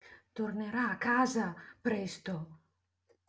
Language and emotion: Italian, fearful